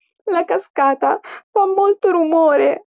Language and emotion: Italian, fearful